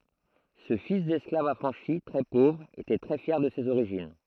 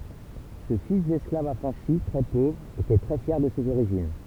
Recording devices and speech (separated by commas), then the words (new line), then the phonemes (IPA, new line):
throat microphone, temple vibration pickup, read sentence
Ce fils d'esclave affranchi, très pauvre était très fier de ses origines.
sə fis dɛsklav afʁɑ̃ʃi tʁɛ povʁ etɛ tʁɛ fjɛʁ də sez oʁiʒin